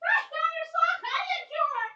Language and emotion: English, happy